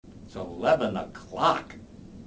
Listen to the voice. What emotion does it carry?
angry